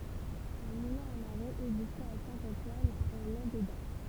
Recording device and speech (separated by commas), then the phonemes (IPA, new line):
temple vibration pickup, read sentence
œ̃ mulɛ̃ a maʁe ɛɡzistɛt a sɛ̃ ɑ̃twan ɑ̃ lɑ̃deda